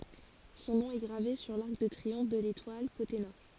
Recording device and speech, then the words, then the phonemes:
forehead accelerometer, read sentence
Son nom est gravé sur l'arc de triomphe de l'Étoile, côté Nord.
sɔ̃ nɔ̃ ɛ ɡʁave syʁ laʁk də tʁiɔ̃f də letwal kote nɔʁ

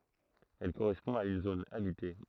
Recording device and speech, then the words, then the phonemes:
throat microphone, read sentence
Elle correspond à une zone habitée.
ɛl koʁɛspɔ̃ a yn zon abite

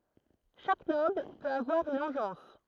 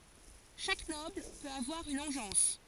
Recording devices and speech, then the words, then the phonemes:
throat microphone, forehead accelerometer, read sentence
Chaque Noble peut avoir une engeance.
ʃak nɔbl pøt avwaʁ yn ɑ̃ʒɑ̃s

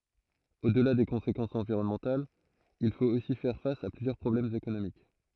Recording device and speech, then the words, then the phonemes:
throat microphone, read sentence
Au-delà des conséquences environnementales, il faut aussi faire face à plusieurs problèmes économiques.
odla de kɔ̃sekɑ̃sz ɑ̃viʁɔnmɑ̃talz il fot osi fɛʁ fas a plyzjœʁ pʁɔblɛmz ekonomik

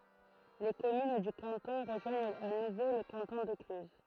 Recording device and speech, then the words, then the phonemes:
throat microphone, read sentence
Les communes du canton rejoignent à nouveau le canton de Cluses.
le kɔmyn dy kɑ̃tɔ̃ ʁəʒwaɲt a nuvo lə kɑ̃tɔ̃ də klyz

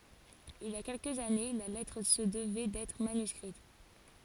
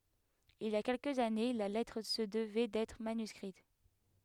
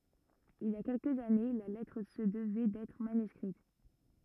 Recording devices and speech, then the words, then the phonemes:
forehead accelerometer, headset microphone, rigid in-ear microphone, read sentence
Il y a quelques années, la lettre se devait d'être manuscrite.
il i a kɛlkəz ane la lɛtʁ sə dəvɛ dɛtʁ manyskʁit

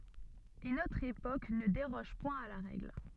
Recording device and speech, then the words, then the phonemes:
soft in-ear microphone, read sentence
Et notre époque ne déroge point à la règle.
e notʁ epok nə deʁɔʒ pwɛ̃ a la ʁɛɡl

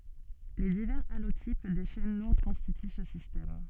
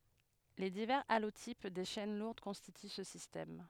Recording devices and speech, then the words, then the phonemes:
soft in-ear microphone, headset microphone, read sentence
Les divers allotypes des chaînes lourdes constituent ce système.
le divɛʁz alotip de ʃɛn luʁd kɔ̃stity sə sistɛm

